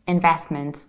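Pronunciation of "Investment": In 'investment', the middle t is skipped, as it is in fast speech.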